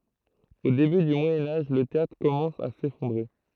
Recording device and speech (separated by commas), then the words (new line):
throat microphone, read sentence
Au début du Moyen Âge, le théâtre commence à s'effondrer.